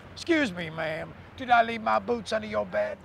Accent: in southern accent